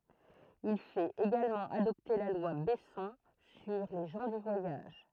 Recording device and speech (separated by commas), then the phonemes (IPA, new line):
throat microphone, read sentence
il fɛt eɡalmɑ̃ adɔpte la lwa bɛsɔ̃ syʁ le ʒɑ̃ dy vwajaʒ